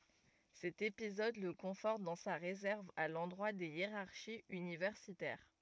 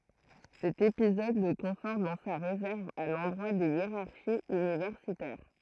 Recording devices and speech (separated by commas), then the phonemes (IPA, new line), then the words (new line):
rigid in-ear microphone, throat microphone, read sentence
sɛt epizɔd lə kɔ̃fɔʁt dɑ̃ sa ʁezɛʁv a lɑ̃dʁwa de jeʁaʁʃiz ynivɛʁsitɛʁ
Cet épisode le conforte dans sa réserve à l'endroit des hiérarchies universitaires.